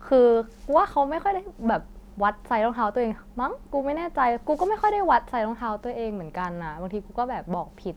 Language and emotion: Thai, neutral